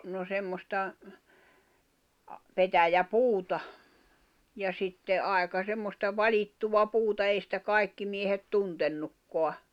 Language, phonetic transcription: Finnish, no 'semmosta , 'petäjä"puuta , ja 'sitte '’àeka 'semmosta "vaĺittuva 'puuta ei sⁱtä "kai̬kki miehet 'tuntennukkoa .
- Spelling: no semmoista petäjäpuuta ja sitten aika semmoista valittua puuta ei sitä kaikki miehet tuntenutkaan

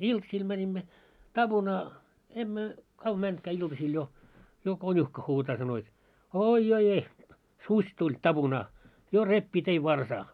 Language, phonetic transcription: Finnish, iltsiil 'mäńimmä , 'taʙunaa , 'emmö , kav mäntkää iltasil jo , jo 'końuhka huutaa sano jot , » "ooi joi 'eh- , "suś tuĺ 'taʙunaa , 'jo 'reppii tei "varsaa « .
- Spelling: iltaisin menimme tapunaan emme kauan mennytkään iltasilla jo jo konuhka huutaa sanoi jotta oi joi - susi tuli tapunaan jo repii teidän varsaa

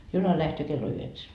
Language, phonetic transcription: Finnish, 'juna lähtöö kello 'yheksä .
- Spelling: juna lähtee kello yhdeksän

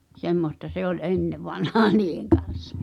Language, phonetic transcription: Finnish, 'semmosta se ‿ol "’ennevanhaa niiheŋ kan̬s .
- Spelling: semmoista se oli ennen vanhaan niiden kanssa

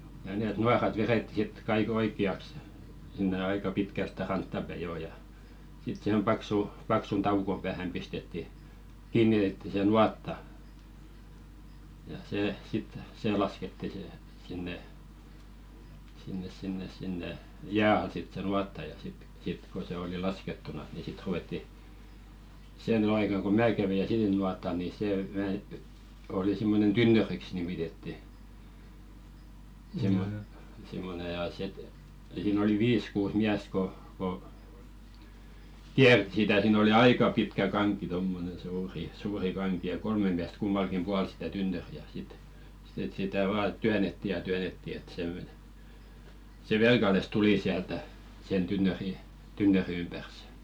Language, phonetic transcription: Finnish, ja nèt "nuarat 'veretti sit kai'k ‿oik̆ki₍aks , sinne "aika 'pitkä stä "rantta päi 'joo ja , sit sⁱhem 'paksu , paksun "taukom päähäm pistetti , 'kiinnitetti se "nuatta , ja 'see sit , 'see lasketti se , sinne , sinnes sinnes sinne , "jää al sit se 'nuatta ja sit 'sit ko se oli "laskettunas ni 'sit ruʷetti , sè ny 'aika ko "mää 'kävi ja "sillinuat̆tal ni 'sè vä- , oli simmonen "tynnöriks nimitetti , simmo- simmone ja sit , siin ‿oli "viis 'kuus "miäsᵗ ko ko , 'kiärtⁱ sitä siin ‿oli "aika pitkä 'kaŋk̀i tommonen̬ suuri , 'suuri kaŋki ja 'kolme miäst 'kummalkim 'pual sⁱtä 'tynnöri₍ä sit , sⁱt ‿et 'sitä "vaa 'tyänetti ja 'tyänetti et se(mmone) , se — 'tuli siältä , sen 'tynnöri , 'tynnöri ympärs .
- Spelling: ja ne nuorat vedettiin sitten kaikki oikeaksi sinne aika pitkään sitä rantaa päin jo ja sitten siihen paksu paksun taukon päähän pistettiin kiinnitettiin se nuotta ja se sitten se laskettiin se sinne sinne sinne sinne jään alle sitten se nuotta ja sitten sitten kun se oli laskettuna niin sitten ruvettiin se nyt aika kun minä kävi ja sillinuotalla niin se - oli semmoinen tynnyriksi nimitettiin - semmoinen ja sitten siinä oli viisi kuusi miestä kun kun kiersi sitä siinä oli aika pitkä kanki tuommoinen suuri suuri kanki ja kolme miestä kummallakin puolen sitä tynnyriä sitten sitten että sitä vain työnnettiin ja työnnettiin että semmoinen se tuli sieltä sen tynnyrin tynnyrin ympäri

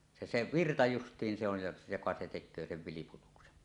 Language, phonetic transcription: Finnish, 'se se "virta 'just̀iin se ‿on̳ jo- , joka se tek̆köö sev 'vilip̳utuksen .
- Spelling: se se virta justiin se on - joka se tekee sen vilputuksen

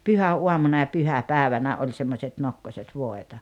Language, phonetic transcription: Finnish, pyhä₍uamuna ja "pyhäpääᵉvänä 'oĺ semmośet 'nokkoset 'vòeta .
- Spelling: pyhäaamuna ja pyhäpäivänä oli semmoiset nokkoset voita

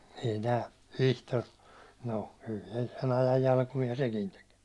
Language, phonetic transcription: Finnish, ei tää , 'Vihtor , no , kyl se 'sen ‿ajaj jalkumi₍a 'sekin tek .
- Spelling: ei tämä Vihtori no kyllä se sen ajan jalkuimia sekin teki

